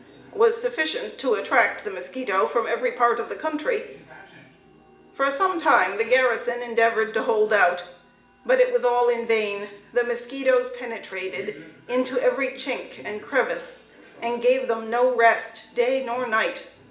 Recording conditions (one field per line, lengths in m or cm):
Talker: one person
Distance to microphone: 1.8 m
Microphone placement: close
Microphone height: 1.0 m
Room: large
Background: television